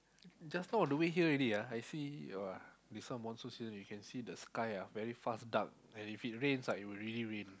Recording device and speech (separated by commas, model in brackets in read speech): close-talking microphone, conversation in the same room